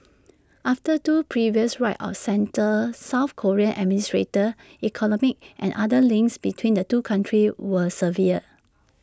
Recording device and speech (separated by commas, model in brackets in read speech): standing microphone (AKG C214), read sentence